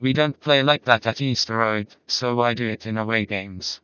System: TTS, vocoder